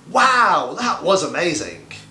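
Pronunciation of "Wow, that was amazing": The sentence has individual word stress and lots of intonation, not said flat. 'Wow' is completely stressed, and 'amazing' is drawn out for extra emphasis.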